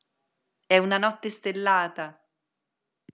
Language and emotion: Italian, happy